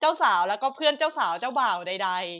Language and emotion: Thai, happy